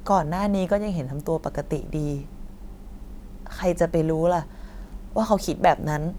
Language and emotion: Thai, sad